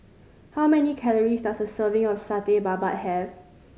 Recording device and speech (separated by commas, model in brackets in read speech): mobile phone (Samsung C5010), read sentence